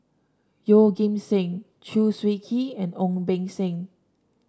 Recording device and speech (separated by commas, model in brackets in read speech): standing microphone (AKG C214), read sentence